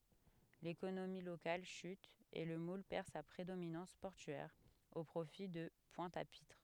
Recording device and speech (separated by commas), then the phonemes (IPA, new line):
headset microphone, read sentence
lekonomi lokal ʃyt e lə mul pɛʁ sa pʁedominɑ̃s pɔʁtyɛʁ o pʁofi də pwɛ̃t a pitʁ